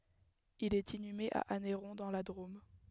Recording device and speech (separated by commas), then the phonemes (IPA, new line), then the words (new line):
headset microphone, read sentence
il ɛt inyme a anɛʁɔ̃ dɑ̃ la dʁom
Il est inhumé à Anneyron dans la Drôme.